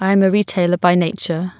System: none